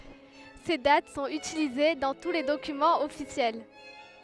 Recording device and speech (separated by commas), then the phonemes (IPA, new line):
headset microphone, read sentence
se dat sɔ̃t ytilize dɑ̃ tu le dokymɑ̃z ɔfisjɛl